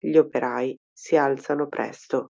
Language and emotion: Italian, neutral